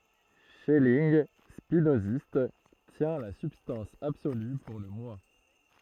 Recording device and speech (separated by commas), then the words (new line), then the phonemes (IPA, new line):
throat microphone, read sentence
Schelling, spinoziste, tient la substance absolue pour le Moi.
ʃɛlinɡ spinozist tjɛ̃ la sybstɑ̃s absoly puʁ lə mwa